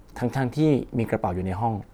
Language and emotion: Thai, neutral